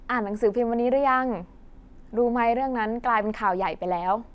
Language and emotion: Thai, neutral